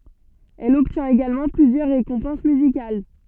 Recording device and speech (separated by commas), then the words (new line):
soft in-ear microphone, read sentence
Elle obtient également plusieurs récompenses musicales.